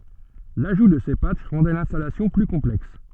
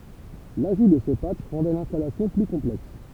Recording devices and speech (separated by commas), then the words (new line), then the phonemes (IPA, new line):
soft in-ear microphone, temple vibration pickup, read sentence
L'ajout de ces patchs rendaient l'installation plus complexe.
laʒu də se patʃ ʁɑ̃dɛ lɛ̃stalasjɔ̃ ply kɔ̃plɛks